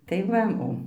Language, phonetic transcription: Lithuanian, tai ˈva ˈo

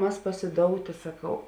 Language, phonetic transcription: Lithuanian, ˈmas pasiˈdoutė saˈkau

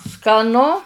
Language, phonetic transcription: Lithuanian, skaˈnu

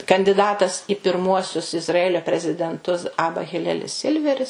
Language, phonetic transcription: Lithuanian, kandiˈdatas i pirˈmuosius izraˈelio prezidenˈtus ˈaba hiˈlelis ˈsilveris

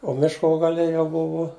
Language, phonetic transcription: Lithuanian, o ˈmiško gaˈle jau ˈbuvu

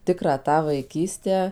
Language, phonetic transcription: Lithuanian, ˈtikrą ˈtą vaiˈkystę

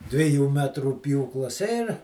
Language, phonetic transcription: Lithuanian, dviˈjų ˈmetrų ˈpjūklas ir

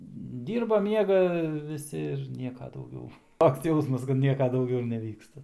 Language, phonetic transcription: Lithuanian, ˈdyrba ˈmiega viˈsi ir ˈnieka dauˈgiau ˈtoks ˈjausmas kad ˈnieka dauˈgiau ir neˈvyksta

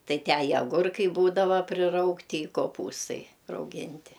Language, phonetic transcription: Lithuanian, ˈtai ˈtę i aˈgurkai ˈbūdava priˈraugti i koˈpūstai rauˈginti

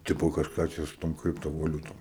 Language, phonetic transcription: Lithuanian, ˈtipo kažˈką ˈčia su ˈtom ˈkriptovaˌliutom

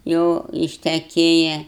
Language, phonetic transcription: Lithuanian, ˈjau išteˈkėja

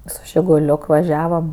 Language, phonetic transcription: Lithuanian, su žiguˈliok vaˈžiavam

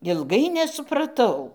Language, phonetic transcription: Lithuanian, ilˈgai nesupraˈtau

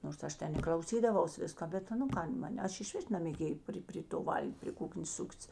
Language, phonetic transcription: Lithuanian, nors ˈaš ˈten i klauˈsydavaus ˈviska ˈbet nu ˈkan ˈman' ˈaš išˈvis namėˈgėjė ˈpri pri to ˈval'g' pri ˈkuknės ˈsuktis

